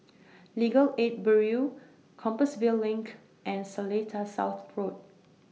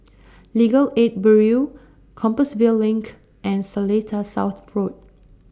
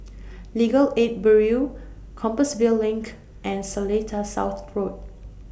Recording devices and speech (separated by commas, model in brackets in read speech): mobile phone (iPhone 6), standing microphone (AKG C214), boundary microphone (BM630), read sentence